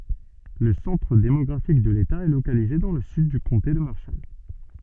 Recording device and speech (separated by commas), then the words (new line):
soft in-ear microphone, read sentence
Le centre démographique de l'État est localisé dans le sud du comté de Marshall.